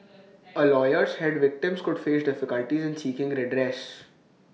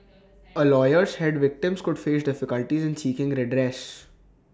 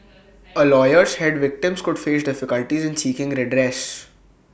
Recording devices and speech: mobile phone (iPhone 6), standing microphone (AKG C214), boundary microphone (BM630), read sentence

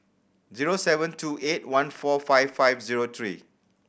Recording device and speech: boundary microphone (BM630), read sentence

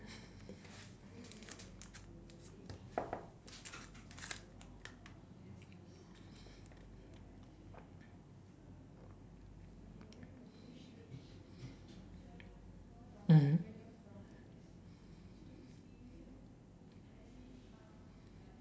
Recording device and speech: standing microphone, conversation in separate rooms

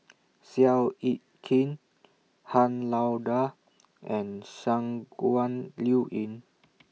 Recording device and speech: mobile phone (iPhone 6), read sentence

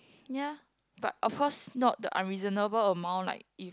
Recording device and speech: close-talking microphone, conversation in the same room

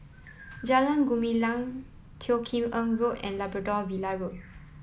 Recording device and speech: mobile phone (iPhone 7), read sentence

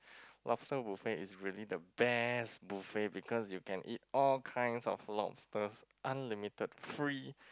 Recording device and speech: close-talking microphone, conversation in the same room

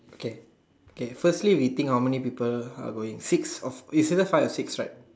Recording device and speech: standing microphone, conversation in separate rooms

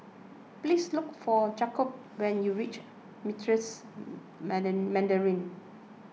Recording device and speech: mobile phone (iPhone 6), read sentence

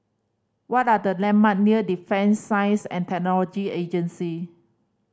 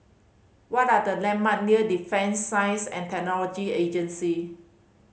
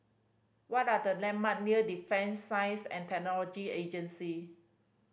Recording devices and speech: standing microphone (AKG C214), mobile phone (Samsung C5010), boundary microphone (BM630), read sentence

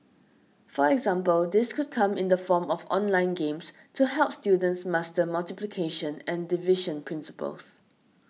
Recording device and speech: mobile phone (iPhone 6), read sentence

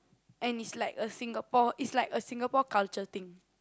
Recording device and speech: close-talking microphone, conversation in the same room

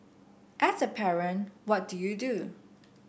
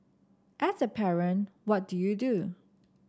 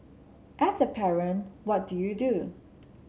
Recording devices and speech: boundary microphone (BM630), standing microphone (AKG C214), mobile phone (Samsung C7), read sentence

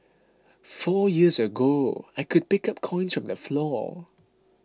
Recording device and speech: close-talking microphone (WH20), read sentence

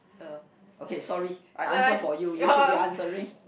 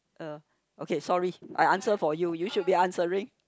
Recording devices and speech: boundary microphone, close-talking microphone, conversation in the same room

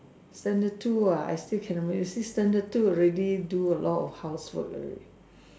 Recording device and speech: standing microphone, conversation in separate rooms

